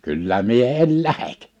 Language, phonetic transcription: Finnish, » 'kyllä 'mie 'el "lähek ! «
- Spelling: kyllä minä en lähde

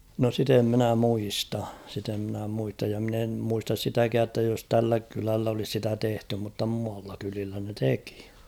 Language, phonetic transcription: Finnish, no 'sit ‿em minä 'muista , sit ‿em mⁱnä 'muistaj ja mᵎn ‿em 'muistas "sitäkää ‿ttä jos 'tällä kyläll ‿olis 'sitä 'tehty mutta mualla kylillä ne 'teki .
- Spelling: no sitä en minä muista sitä en minä muista ja minä en muista sitäkään että jos tällä kylällä olisi sitä tehty mutta muualla kylillä ne teki

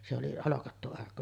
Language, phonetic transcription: Finnish, se oli 'holokattu 'arkku .
- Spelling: se oli holkattu arkku

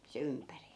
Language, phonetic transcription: Finnish, se 'ympäri .
- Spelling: se ympäri

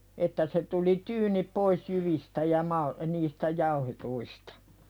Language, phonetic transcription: Finnish, että se tuli "tyynip pois jyvistä ja 'mal- , niistä 'jauhetuistᴀ .
- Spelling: että se tuli tyyni pois jyvistä ja - niistä jauhetuista

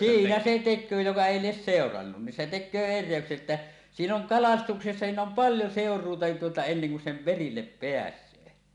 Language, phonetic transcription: Finnish, siinä se 'tek̆köö joka èi lies "sèorannun ni se 'tek̆köö "errèökse ‿ttä , "siin ‿oŋ "kalastuksessa 'siin ‿om "paljo 'sèor̀uuta nin tuota enneŋ kun sem "perillep 'peäśöö .
- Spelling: siinä se tekee joka ei lie seurannut niin se tekee erehdyksen että siinä on kalastuksessa siinä on paljon seuraamista niin tuota ennen kuin sen perille pääsee

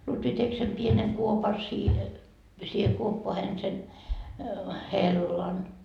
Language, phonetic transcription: Finnish, 'Lutvi 'tek sem 'pieneŋ 'kuopa siihe , siihe kuoppoahen sen , "hellan .
- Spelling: Lutvi teki sen pienen kuopan siihen siihen kuoppaan sen hellan

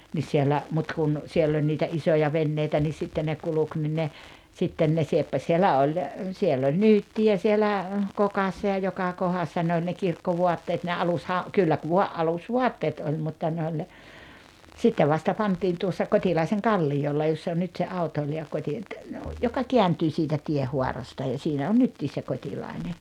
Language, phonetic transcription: Finnish, nis siellä , mut kun , 'siell ‿oĺ niitä "isoja 'venneitä ni sitten ne 'kuluk ni ne , 'sitten ne 'sieppaś sielä ol , 'siel ‿oĺ "nyytti₍ä sielä , 'kokassa ja 'joka 'kohassa ne oĺ ne 'kirkkovuatteet ne 'alusha- , kyllä ku vua '’alus"vuatteet oĺ mutta ne oĺ ne , 'sittev vasta 'pant̀iin tuossa "Kot́ilaiseŋ "kallijolla joss ‿on 'nyt se 'autoili₍a 'Kot́i- , joka "keäntyy sitä 'tiehuarasta ja siinä on 'nyttiis se 'Kot́ilaine .
- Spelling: niin siellä mutta kun siellä oli niitä isoja veneitä niin sitten ne kulki niin ne sitten ne sieppasi siellä oli siellä oli nyyttiä siellä kokassa ja joka kohdassa ne oli ne kirkkovaatteet ne - kyllä kun vain alusvaatteet oli mutta ne oli ne sitten vasta pantiin tuossa Kotilaisen kalliolla jos on nyt se autoilija - joka kääntyy sitä tienhaarasta ja siinä on nytkin se Kotilainen

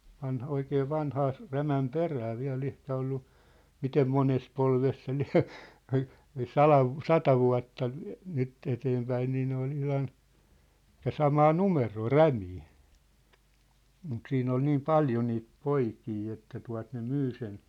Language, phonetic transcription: Finnish, 'vanh'oikee 'vanhaa ‿s- , 'Rämäm "perä 'viä̭'l ‿ehkä ollu , 'mitem 'mones 'polves se 'liä̭ , ai , ai "salav vu- , "sata vua̭tta , 'nyt eteempäin nii ne ‿ol 'ihlan , ĕt̆tä "samaa "numeroo , "Rämii , mut 'siin ‿ol 'niim "paljo niit "poikii että tua̭t ne "myy sen .
- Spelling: vanhoja vanhaa - Rämän perää vielä ehkä ollut miten monessa polvessa se lie ai ai sadan - sata vuotta nyt eteenpäin niin ne oli ihan että samaa numeroa Rämiä mutta siinä oli niin paljon niitä poikia että tuota ne myi sen

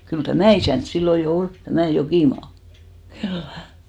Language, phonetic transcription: Finnish, kyl "tämä̀ isä̀nt 'sillo jo 'ol , tämä̀ 'Jokìmaa , 'khyllä !
- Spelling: kyllä tämä isäntä silloin jo oli tämä Jokimaa kyllä

